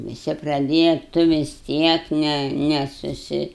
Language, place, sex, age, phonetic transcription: Lithuanian, Aukštaitija, female, 60+, viˈsi praˈdėja ˈtu vis ˈtiek ˈne ˈne suˈsi

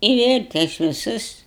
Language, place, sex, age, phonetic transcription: Lithuanian, Aukštaitija, female, 60+, i ˈvėl' ˈtais viˈsus

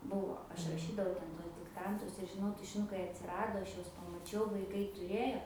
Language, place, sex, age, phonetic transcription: Lithuanian, Aukštaitija, female, 18-60, ˈbuvo ˈaš raˈšydavau ˈten ˈtuos dikˈtantus ir žiˈnau tušiˈnukai atsiˈrado ˈaš ˈjuos pamaˈčiau vaiˈkai tuˈrėjo

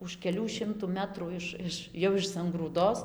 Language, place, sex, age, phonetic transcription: Lithuanian, Dzūkija, female, 18-60, už keˈlių ˈšimtų ˈmetrų ˈiš ˈiš jau iš sangrūˈdos

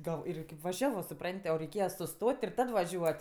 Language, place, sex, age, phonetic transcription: Lithuanian, Aukštaitija, female, 18-60, gal ˈirgi kip vaˈžiavo suˈprant' o reiˈkėja suˈstot' ir ˈtad vaˈžiuot'

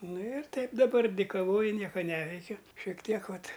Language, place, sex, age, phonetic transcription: Lithuanian, Aukštaitija, male, 60+, ˈnu ir ˈtaip daˈbar dikaˈvoju ˈnieka ˈneveikiu šiek ˈtiek ˈvat

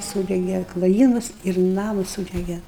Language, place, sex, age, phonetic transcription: Lithuanian, Aukštaitija, female, 60+, ˈsūdege kloˈjymus ir ˈnamus ˈsūdege

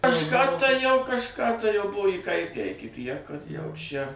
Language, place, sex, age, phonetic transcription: Lithuanian, Suvalkija, male, 60+, kažˈką tai jau kažˈką tai jau ˈbuvo įˈkaitę iki tiek kad jau šia

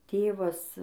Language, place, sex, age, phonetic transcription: Lithuanian, Dzūkija, female, 18-60, ˈtėvas

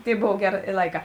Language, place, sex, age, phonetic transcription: Lithuanian, Žemaitija, female, 18-60, ˈtėi ˈbov ˈgeˌrė i ˈlaiˌkā

